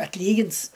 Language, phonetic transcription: Lithuanian, atˈlygins

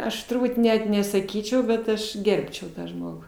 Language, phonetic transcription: Lithuanian, ˈaš turˈbūt ˈnet nesaˈkyčiau bet ˈaš ˈgerbčiau ˈtą ˈžmogu

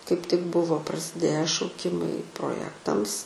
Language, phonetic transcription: Lithuanian, kaip tik ˈbuvo prasiˈdėję šauˈkimai proˈjektams

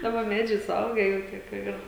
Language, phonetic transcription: Lithuanian, ˈdaba ˈmedžiai suˈauge jau ˈtie kur ˈir

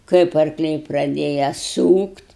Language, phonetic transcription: Lithuanian, ˈkaip arkˈliai praˈdėja ˈsūkt'

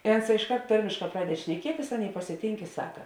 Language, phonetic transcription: Lithuanian, ė onˈsā išˈkart ˈtarmėšˌkā ˈpraded šneˈkietis ˈaˌnėi pasiˈtynk i ˈsaka

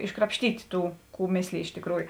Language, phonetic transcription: Lithuanian, iškrapšˈtyti ˈtų ˈkų ˈmėslėj ˈiš tėkˈrųju

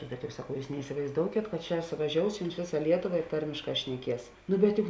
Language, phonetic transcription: Lithuanian, bet jau saˈkau ˈjūs neisivaizˈdoukėt kad ˈčia suvaˈžious ˈjums ˈvėˌsa ˈlietoˌva i ˈtarmėšˌkā šneˈkies nu bet ˈjuk

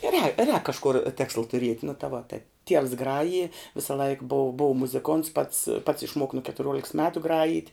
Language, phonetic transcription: Lithuanian, rē rēk kažˈkur ˈtėksla tuˈriet' nu ta vo tai tievs ˈgraji visaˈlaik bov bov muziˈkonts pats pats išˈmuok nu ketuˈriuoliks ˈmetu ˈgrajyt'

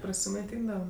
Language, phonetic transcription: Lithuanian, prasimaiˈtyndava

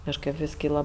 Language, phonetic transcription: Lithuanian, kažˈkɜp vis ˈkyla

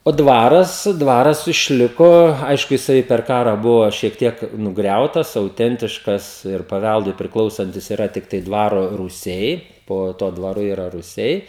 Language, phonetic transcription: Lithuanian, o ˈdvaras ˈdvaras išˈliko ˈaišku jiˈsai per ˈkarą ˈbuvo šiek ˈtiek nuˈgriautas auˈtentiškas ir paˈvældui priˈklausantis iˈra tikˈtai ˈdvaro rūˈsiai ˈpo tuo dvaˈru ˈyra ruˈsiai

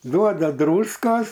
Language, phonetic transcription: Lithuanian, ˈduoda ˈdrūskos

